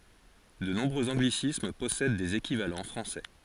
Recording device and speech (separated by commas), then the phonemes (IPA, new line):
forehead accelerometer, read sentence
də nɔ̃bʁøz ɑ̃ɡlisism pɔsɛd dez ekivalɑ̃ fʁɑ̃sɛ